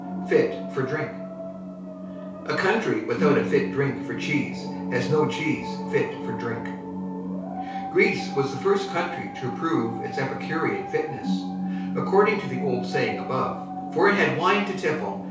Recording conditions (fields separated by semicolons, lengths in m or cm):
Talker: one person; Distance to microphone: 3.0 m; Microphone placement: far; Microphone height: 1.8 m; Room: small (3.7 m by 2.7 m); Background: television